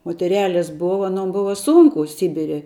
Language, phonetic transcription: Lithuanian, moteˈreles ˈbova aˈnom ˈbuva ˈsūnku ˈsibire

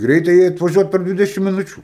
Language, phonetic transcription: Lithuanian, ˈgreitajai atvaˈžiuot per ˈdvidešim miˈnučiu

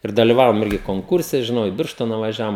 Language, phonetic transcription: Lithuanian, ir daliˈvavom ˈirgi konˈkurse žiˈnau i ˈbirštona vaˈžiavom

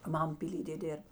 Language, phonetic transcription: Lithuanian, ˈmam pyˈlydė ˈdėrb

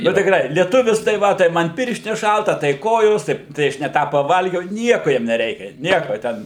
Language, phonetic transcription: Lithuanian, nu tikˈrai lieˈtuvis tai ˈva tai ˈman ˈpirštines ˈšalta tai ˈkojos tai tai ˈaš ne ˈtą paˈvalgiau ˈnieku ˈjiem neˈreikia ˈnieko ˈten

